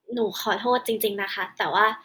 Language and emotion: Thai, sad